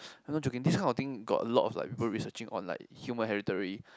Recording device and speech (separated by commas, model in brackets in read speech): close-talking microphone, conversation in the same room